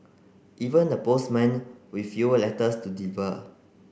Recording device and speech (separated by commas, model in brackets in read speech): boundary microphone (BM630), read sentence